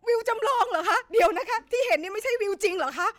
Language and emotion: Thai, sad